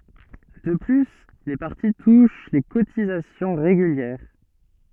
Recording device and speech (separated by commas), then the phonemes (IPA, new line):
soft in-ear microphone, read sentence
də ply le paʁti tuʃ le kotizasjɔ̃ ʁeɡyljɛʁ